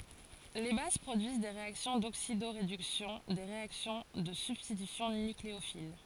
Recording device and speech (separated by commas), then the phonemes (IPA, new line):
forehead accelerometer, read sentence
le baz pʁodyiz de ʁeaksjɔ̃ doksidoʁedyksjɔ̃ de ʁeaksjɔ̃ də sybstitysjɔ̃ nykleofil